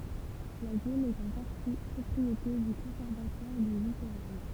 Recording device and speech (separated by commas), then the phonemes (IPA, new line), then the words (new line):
temple vibration pickup, read sentence
la zon ɛt ɑ̃ paʁti pʁɔpʁiete dy kɔ̃sɛʁvatwaʁ dy litoʁal
La zone est en partie propriété du Conservatoire du littoral.